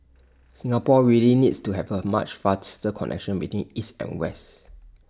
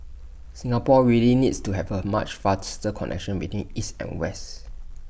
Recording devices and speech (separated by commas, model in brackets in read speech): standing microphone (AKG C214), boundary microphone (BM630), read sentence